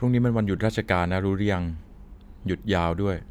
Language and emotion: Thai, neutral